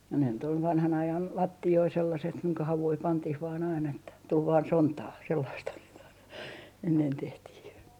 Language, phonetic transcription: Finnish, ja ne nyt ‿ol 'vanhan 'ajan , "latti₍oi sellaset kuiŋka 'havui 'pantih vaan ain ‿että , tul vaan "sontaa 'sellaisthan sit ‿aina , ennen 'tehtih .
- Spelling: ja ne nyt oli vanhan ajan lattioita sellaiset kuinka havuja pantiin vain aina että tuli vain sontaa sellaistahan sitä aina ennen tehtiin

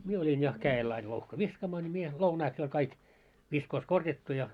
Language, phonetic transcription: Finnish, 'mie oĺin ja , 'kää₍el ail louhka "viskaamaa ńi mie , 'lounaiks jo oĺ 'kaik , viskoos "korjattu ja ,.
- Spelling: minä olin ja kädellä aina louhka viskaamaan niin minä lounaiksi jo oli kaikki viskoos korjattu ja

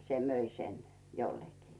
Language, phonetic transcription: Finnish, se 'möi sen , jollekii .
- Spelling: se myi sen jollekin

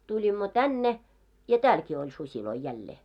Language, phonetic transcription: Finnish, 'tuĺimmo "tänne , ja "täälkii oĺ 'susiloi 'jällee .
- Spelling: tulimme tänne ja täälläkin oli susia jälleen

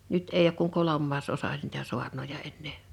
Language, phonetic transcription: Finnish, 'nyt eiʲ ‿ook kuŋ 'kolommaas'osa n[ii]tä 'su̬arnoja ennee .
- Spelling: nyt ei ole kuin kolmasosa niitä saarnoja enää

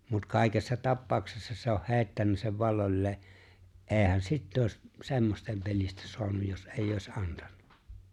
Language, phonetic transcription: Finnish, mut 'kàikessa "tappaaᵒksessa se oh "hè̬i̬ttännä sev 'valloĺlee , '’e̬e̬hän "sitt ‿òi̬s , 'se̬mmosten pelistä 'so̭anuj jos '’eeⁱj ‿òi̬s '’antan(na) .
- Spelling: mutta kaikessa tapauksessa se on heittänyt sen valloilleen eihän sitä olisi semmoisten pelistä saanut jos ei olisi antanut

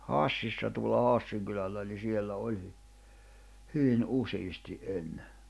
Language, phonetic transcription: Finnish, Hàssissa tuola 'Haassiiŋ kylällä ni 'siellä 'oĺ , 'hyvin '’usiisti’ '’enne .
- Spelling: Hassissa tuolla Hassin kylällä niin siellä oli hyvin useasti ennen

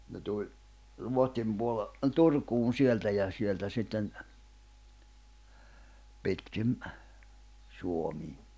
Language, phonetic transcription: Finnish, ne tuĺ , 'Ruohtim puole- , ’ə "Turkuun 'sieltä ja , sieltä sitten , 'pitkim , 'Suomii .
- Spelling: ne tuli Ruotsin - - Turkuun sieltä ja sieltä sitten pitkin Suomea

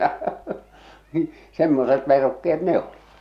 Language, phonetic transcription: Finnish, 'semmoset 'verukke₍et "ne ‿olɪ .
- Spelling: semmoiset verukkeet ne oli

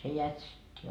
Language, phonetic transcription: Finnish, se 'jätsit́t́ii .
- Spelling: se jätsittiin

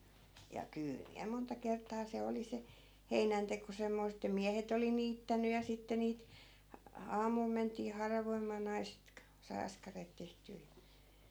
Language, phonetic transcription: Finnish, ja 'kyyl miä monta kert̀aa 'se oli 'se , 'heinänteko semmoisᵗ ‿että "miähet ‿oli 'niittänyj̆ ja sitte niit , a- "aamul ment̀ii 'haravoimaa 'naiset k- , sai 'askareet 'tehtyy ja .
- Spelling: ja kyllä minä monta kertaa se oli se heinänteko semmoista että miehet oli niittänyt ja sitten niitä - aamulla mentiin haravoimaan naiset - sai askareet tehtyä ja

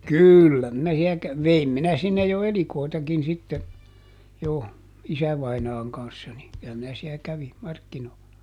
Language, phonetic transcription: Finnish, "kỳllä minä siä kä- , ˈveim minä ˈsinnej jo "elikòitakin sitte , jo , "isävainaaŋ kan̬ssa ni , kylä minä siä ˈkävi , ˈmarkkinoo(lla) .
- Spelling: kyllä minä siellä - vein minä sinne jo elikoitakin sitten jo isävainaan kanssa niin kyllä minä siellä kävin markkinoilla

